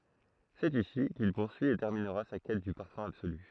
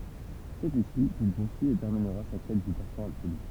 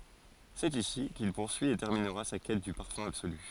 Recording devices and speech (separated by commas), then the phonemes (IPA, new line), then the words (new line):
throat microphone, temple vibration pickup, forehead accelerometer, read sentence
sɛt isi kil puʁsyi e tɛʁminʁa sa kɛt dy paʁfœ̃ absoly
C'est ici qu'il poursuit et terminera sa quête du parfum absolu.